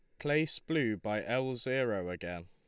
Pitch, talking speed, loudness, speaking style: 125 Hz, 160 wpm, -34 LUFS, Lombard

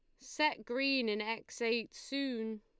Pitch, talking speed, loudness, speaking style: 230 Hz, 150 wpm, -35 LUFS, Lombard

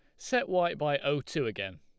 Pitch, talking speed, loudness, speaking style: 150 Hz, 225 wpm, -31 LUFS, Lombard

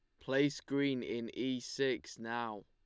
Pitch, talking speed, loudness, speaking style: 125 Hz, 145 wpm, -37 LUFS, Lombard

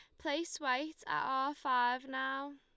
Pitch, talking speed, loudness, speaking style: 275 Hz, 155 wpm, -36 LUFS, Lombard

